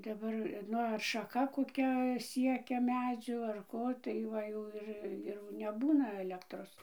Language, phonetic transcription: Lithuanian, daˈbar ˈnu ar šaˈka koˈkia ˈsiekia ˈmedzių ar ˈko tai ˈva jau ˈir ir neˈbūna aˈlektros

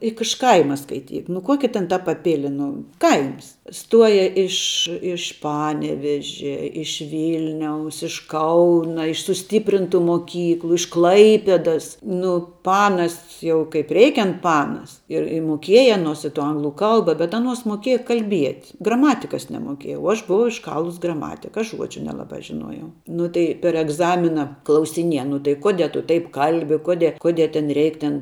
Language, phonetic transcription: Lithuanian, juk iš ˈkaima skaiˈtyk nu ˈkuoki ten ta paˈpili nu kaims ˈstuoja ˈiš iš ˈpanevežia iš ˈvylniaus iš ˈkauna iš suˈstyprintu moˈkyklu iš ˈklaipedas ˈnu ˈpanas ˈjau kaip ˈreikiant ˈpanas ir i moˈkieja aˈnuos i tu ˈanglu ˈkalba bet ˈaˌnuos moˈkėja kalˈbiet' graˈmatikas nemoˈkieja o ˈaš buˈvau išˈkalus graˈmatika ˈaš ˈžuodžiu nelaˈbā žiˈnuojau ˈnu tai per egˈzamina klausiˈnieja nu tai ˈkude tu taip ˈkalbi ˈkude ˈkude ten ˈreik ten

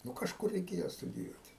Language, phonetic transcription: Lithuanian, ˈnu kažˈkur reiˈkėjo studiˈjuoti

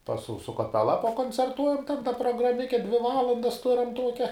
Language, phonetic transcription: Lithuanian, pas su su kaˈpela pakoncerˈtuojam taip da prograˈmike dvi ˈvalandas ˈturam ˈtuokia

